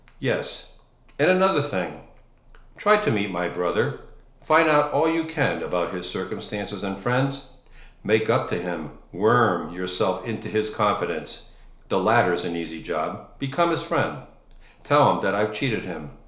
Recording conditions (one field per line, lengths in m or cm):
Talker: one person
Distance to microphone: 1.0 m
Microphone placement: close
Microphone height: 1.1 m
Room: small (3.7 m by 2.7 m)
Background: none